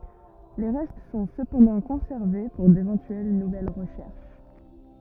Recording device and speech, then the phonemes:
rigid in-ear microphone, read sentence
le ʁɛst sɔ̃ səpɑ̃dɑ̃ kɔ̃sɛʁve puʁ devɑ̃tyɛl nuvɛl ʁəʃɛʁʃ

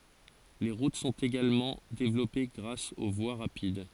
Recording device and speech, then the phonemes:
forehead accelerometer, read sentence
le ʁut sɔ̃t eɡalmɑ̃ devlɔpe ɡʁas o vwa ʁapid

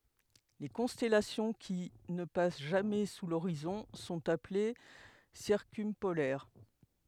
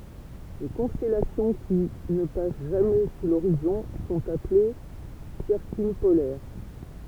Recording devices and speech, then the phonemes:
headset microphone, temple vibration pickup, read sentence
le kɔ̃stɛlasjɔ̃ ki nə pas ʒamɛ su loʁizɔ̃ sɔ̃t aple siʁkœ̃polɛʁ

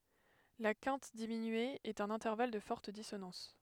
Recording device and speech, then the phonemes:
headset microphone, read sentence
la kɛ̃t diminye ɛt œ̃n ɛ̃tɛʁval də fɔʁt disonɑ̃s

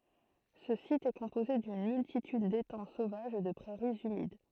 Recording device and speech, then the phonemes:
throat microphone, read sentence
sə sit ɛ kɔ̃poze dyn myltityd detɑ̃ sovaʒz e də pʁɛʁiz ymid

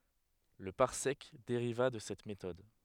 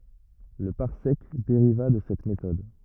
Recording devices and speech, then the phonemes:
headset microphone, rigid in-ear microphone, read sentence
lə paʁsɛk deʁiva də sɛt metɔd

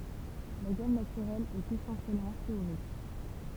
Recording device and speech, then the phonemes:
temple vibration pickup, read sentence
la ɡam natyʁɛl ɛt esɑ̃sjɛlmɑ̃ teoʁik

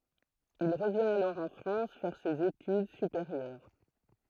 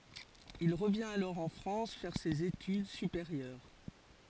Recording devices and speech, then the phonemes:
throat microphone, forehead accelerometer, read sentence
il ʁəvjɛ̃t alɔʁ ɑ̃ fʁɑ̃s fɛʁ sez etyd sypeʁjœʁ

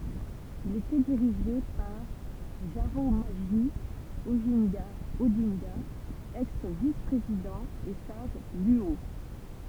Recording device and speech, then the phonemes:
temple vibration pickup, read sentence
il etɛ diʁiʒe paʁ ʒaʁamoʒi oʒɛ̃ɡa odɛ̃ɡa ɛks vis pʁezidɑ̃ e saʒ lyo

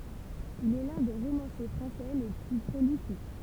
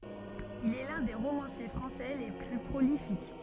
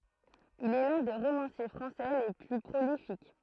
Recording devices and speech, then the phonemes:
temple vibration pickup, soft in-ear microphone, throat microphone, read sentence
il ɛ lœ̃ de ʁomɑ̃sje fʁɑ̃sɛ le ply pʁolifik

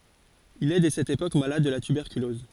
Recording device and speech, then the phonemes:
forehead accelerometer, read sentence
il ɛ dɛ sɛt epok malad də la tybɛʁkylɔz

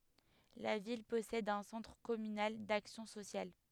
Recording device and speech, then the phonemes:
headset microphone, read sentence
la vil pɔsɛd œ̃ sɑ̃tʁ kɔmynal daksjɔ̃ sosjal

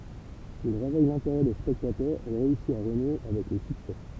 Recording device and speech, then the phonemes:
temple vibration pickup, read sentence
il ʁevɛj lɛ̃teʁɛ de spɛktatœʁz e ʁeysi a ʁənwe avɛk lə syksɛ

